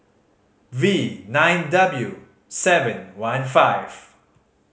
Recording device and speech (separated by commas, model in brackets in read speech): mobile phone (Samsung C5010), read sentence